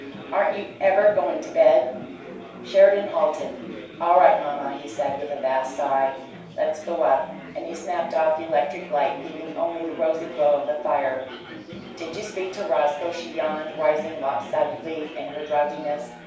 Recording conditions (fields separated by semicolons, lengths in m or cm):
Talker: one person; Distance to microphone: 3.0 m; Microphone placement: far; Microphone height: 1.8 m; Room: small (3.7 m by 2.7 m); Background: babble